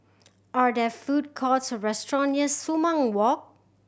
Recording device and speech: boundary microphone (BM630), read sentence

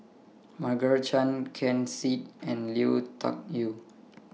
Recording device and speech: mobile phone (iPhone 6), read sentence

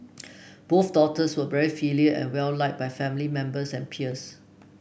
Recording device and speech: boundary microphone (BM630), read sentence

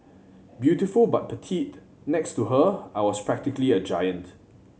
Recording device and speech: mobile phone (Samsung C7100), read sentence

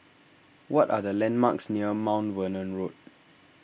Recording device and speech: boundary microphone (BM630), read sentence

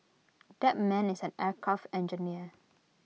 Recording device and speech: mobile phone (iPhone 6), read sentence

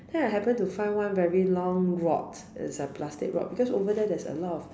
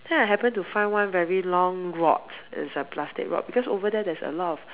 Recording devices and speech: standing microphone, telephone, conversation in separate rooms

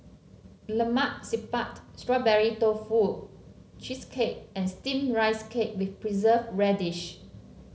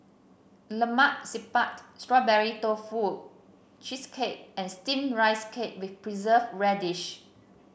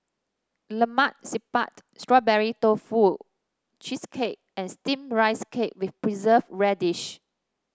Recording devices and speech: mobile phone (Samsung C7), boundary microphone (BM630), standing microphone (AKG C214), read sentence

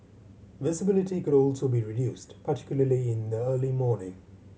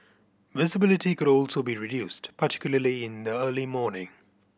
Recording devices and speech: mobile phone (Samsung C7100), boundary microphone (BM630), read sentence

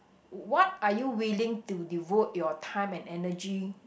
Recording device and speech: boundary microphone, conversation in the same room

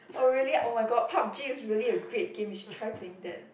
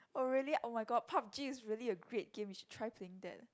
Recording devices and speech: boundary microphone, close-talking microphone, conversation in the same room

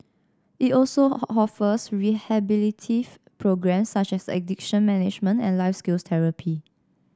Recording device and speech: standing microphone (AKG C214), read sentence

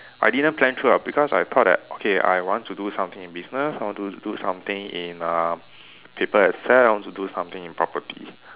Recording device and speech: telephone, conversation in separate rooms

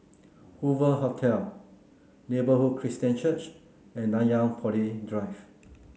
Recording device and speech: mobile phone (Samsung C9), read sentence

